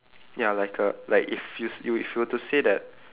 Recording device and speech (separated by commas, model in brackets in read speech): telephone, conversation in separate rooms